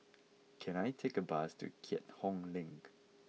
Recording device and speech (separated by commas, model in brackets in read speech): mobile phone (iPhone 6), read sentence